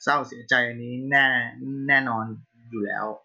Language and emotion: Thai, frustrated